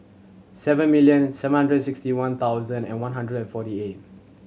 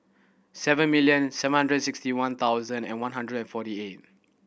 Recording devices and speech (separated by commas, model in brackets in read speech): mobile phone (Samsung C7100), boundary microphone (BM630), read sentence